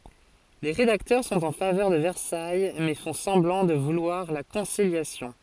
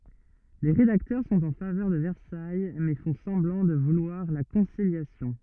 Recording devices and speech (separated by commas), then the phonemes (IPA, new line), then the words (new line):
forehead accelerometer, rigid in-ear microphone, read sentence
le ʁedaktœʁ sɔ̃t ɑ̃ favœʁ də vɛʁsaj mɛ fɔ̃ sɑ̃blɑ̃ də vulwaʁ la kɔ̃siljasjɔ̃
Les rédacteurs sont en faveur de Versailles mais font semblant de vouloir la conciliation.